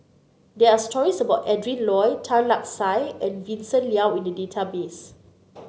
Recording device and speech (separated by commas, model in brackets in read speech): mobile phone (Samsung C9), read sentence